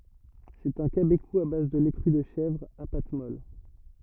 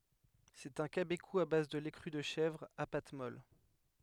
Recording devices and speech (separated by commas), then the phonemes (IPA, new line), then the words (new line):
rigid in-ear microphone, headset microphone, read sentence
sɛt œ̃ kabeku a baz də lɛ kʁy də ʃɛvʁ a pat mɔl
C'est un cabécou à base de lait cru de chèvre, à pâte molle.